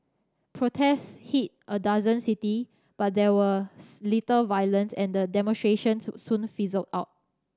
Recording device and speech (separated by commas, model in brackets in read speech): standing microphone (AKG C214), read sentence